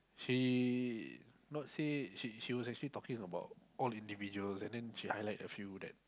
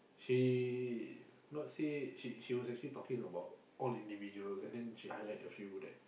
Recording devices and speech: close-talking microphone, boundary microphone, conversation in the same room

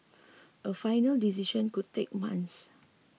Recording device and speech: mobile phone (iPhone 6), read sentence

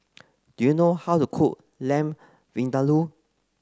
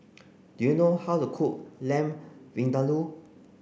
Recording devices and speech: close-talking microphone (WH30), boundary microphone (BM630), read sentence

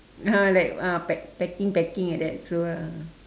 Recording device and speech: standing microphone, conversation in separate rooms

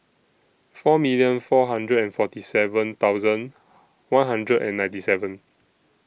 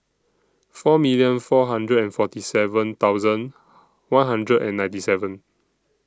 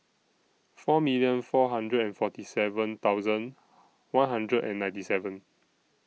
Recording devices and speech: boundary microphone (BM630), standing microphone (AKG C214), mobile phone (iPhone 6), read sentence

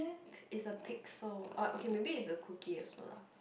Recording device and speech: boundary microphone, conversation in the same room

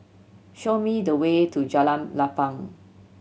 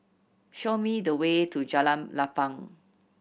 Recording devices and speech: mobile phone (Samsung C7100), boundary microphone (BM630), read sentence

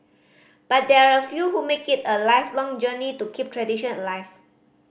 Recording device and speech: boundary microphone (BM630), read sentence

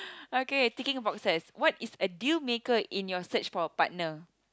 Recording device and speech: close-talking microphone, conversation in the same room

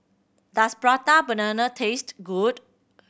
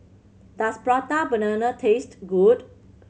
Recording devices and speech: boundary microphone (BM630), mobile phone (Samsung C7100), read sentence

